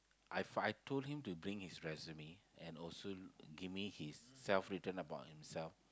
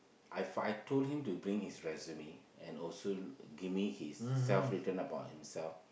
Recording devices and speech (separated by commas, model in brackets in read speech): close-talking microphone, boundary microphone, conversation in the same room